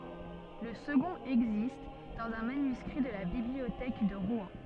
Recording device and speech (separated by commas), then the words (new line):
soft in-ear microphone, read sentence
Le second existe dans un manuscrit de la Bibliothèque de Rouen.